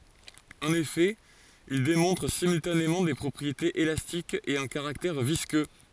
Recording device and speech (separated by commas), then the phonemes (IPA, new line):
forehead accelerometer, read sentence
ɑ̃n efɛ il demɔ̃tʁ simyltanemɑ̃ de pʁɔpʁietez elastikz e œ̃ kaʁaktɛʁ viskø